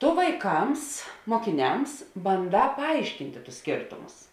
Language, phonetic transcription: Lithuanian, ˈtu vaiˈkams mokiˈniams banˈdā paˈaiškintė tus ˈskėrtumus

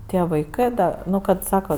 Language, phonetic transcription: Lithuanian, ˈtie vaiˈkɜ da ˈnu kad ˈsaka

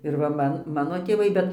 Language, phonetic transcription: Lithuanian, ir ˈva ˈman ˈmano tėˈvai ˈbet

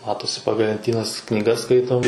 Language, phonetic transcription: Lithuanian, ˈmatosi ˈpagal lenˈtynas knyˈgas ˈskaitom

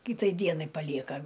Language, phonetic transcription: Lithuanian, ˈkytai ˈdienai paˈlieka

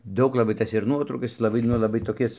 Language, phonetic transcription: Lithuanian, ˈdaug laˈbai ˈtas ir ˈnuotraukas ˈjis laˈbai ˈnu laˈbai toˈkis

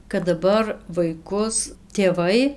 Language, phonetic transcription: Lithuanian, kad daˈbar vaiˈkus tėˈvai

